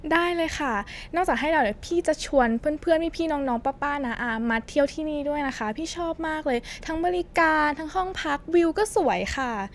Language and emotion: Thai, happy